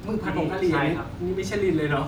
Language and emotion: Thai, happy